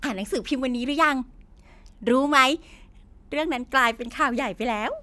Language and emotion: Thai, happy